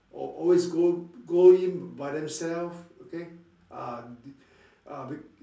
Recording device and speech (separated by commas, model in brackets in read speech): standing microphone, conversation in separate rooms